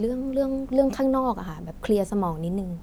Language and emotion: Thai, frustrated